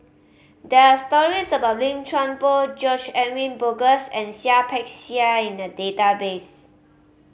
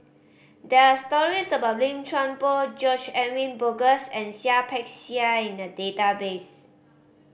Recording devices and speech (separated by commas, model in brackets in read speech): mobile phone (Samsung C5010), boundary microphone (BM630), read sentence